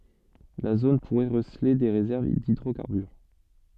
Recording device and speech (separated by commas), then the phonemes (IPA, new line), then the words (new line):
soft in-ear microphone, read sentence
la zon puʁɛ ʁəsəle de ʁezɛʁv didʁokaʁbyʁ
La zone pourrait receler des réserves d'hydrocarbures.